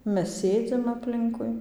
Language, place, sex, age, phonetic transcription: Lithuanian, Dzūkija, female, 18-60, ˈmes ˈsėdzim apˈlinkui

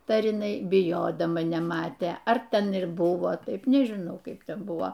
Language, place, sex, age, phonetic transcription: Lithuanian, Aukštaitija, female, 60+, ˈtai ar iˈnai biˈjodama neˈmatė ar ˈten ir ˈbuvo ˈtaip nežiˈnau ˈkaip ˈten ˈbuvo

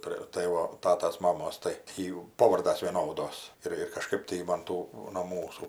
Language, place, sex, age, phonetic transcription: Lithuanian, Aukštaitija, female, 60+, ˈprė ˈtai va ˈtatas ˈmamos tai ˈjų ˈpovardas vieˈnodos ˈir ir kaˈžkɜp tai ji man ˈtų no ˈmūsų

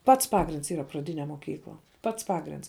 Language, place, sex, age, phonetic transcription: Lithuanian, Žemaitija, female, 18-60, ˈpats ˈpagrinds ˈyra praˈdine moˈkykla ˈpats ˈpagrinds

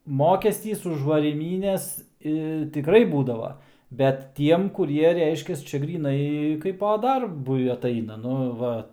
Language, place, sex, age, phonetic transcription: Lithuanian, Aukštaitija, male, 18-60, ˈmokestys už varyˈmynes i tiˈkrai ˈbūdavo bet ˈtiem ˈkurie ˈreiškias ˈčia gryˈnai ˈkaipa ˈdarbui atˈaina ˈnu ˈva

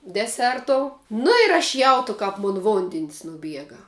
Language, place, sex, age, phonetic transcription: Lithuanian, Žemaitija, female, 18-60, deˈsertou ˈnu ir aš ˈjautu kap ˈmun ˈvondin's' nuˈbiega

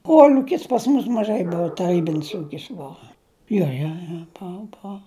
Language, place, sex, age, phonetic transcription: Lithuanian, Žemaitija, female, 60+, ˈkuol'ukis pas mus maˈžai ˈbua taˈrybinis ˈūkis ˈbua ˈjo jo jo ˈbou ˈbou

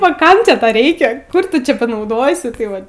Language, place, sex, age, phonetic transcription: Lithuanian, Aukštaitija, female, 18-60, a ˈkam čia ˈta ˈreikia ˈkur ˈtu ˈčia panauˈdosi ˈtai ˈvat

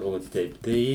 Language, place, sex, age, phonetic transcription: Lithuanian, Suvalkija, male, 60+, o ˈteip tai

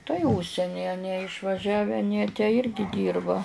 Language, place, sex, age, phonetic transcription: Lithuanian, Žemaitija, female, 60+, tai ˈužseni aˈnie išvaˈžiave aˈnie tę ˈirgi ˈdyrba

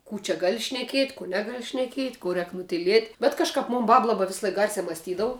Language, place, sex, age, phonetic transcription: Lithuanian, Žemaitija, female, 18-60, ˈkų čia ˈgali šneˈkiet' kų ˈnegal šneˈkiet' ˈkų ˈrēk nutiˈliet' bet kažˈkap ˈmun ˈbab ˈlaba ˈvislaik garsiā masˈtydavu

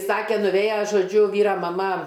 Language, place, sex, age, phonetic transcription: Lithuanian, Aukštaitija, female, 60+, ˈsakė nuˈvėja žoˈdžiu ˈvyra maˈma

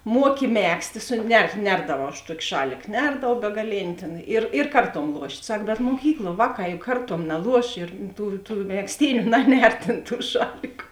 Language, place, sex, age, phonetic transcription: Lithuanian, Žemaitija, female, 18-60, ˈmuoki ˈmegztė ˈsu ne ˈnerdavau aš ˈtuoki ˈšalik ˈnerdavau begaˈlėni tėn ˈir ir ˈkarˌtuom ˈluošt' ˈsak bet muoˈkykluo ˈvāˌkā juk ˈkarˌtuom naˈluoš ir ˈtų tų megˈztyniu ˈnaˌner ˈtėn ˈtų ˈšaliku

